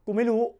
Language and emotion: Thai, frustrated